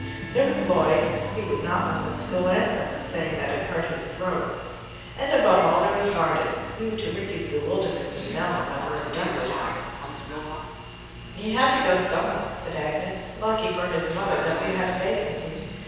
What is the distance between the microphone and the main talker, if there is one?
7.1 m.